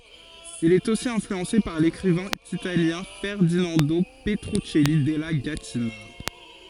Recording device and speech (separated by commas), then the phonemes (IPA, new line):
forehead accelerometer, read sentence
il ɛt osi ɛ̃flyɑ̃se paʁ lekʁivɛ̃ italjɛ̃ fɛʁdinɑ̃do pətʁyksɛli dɛla ɡatina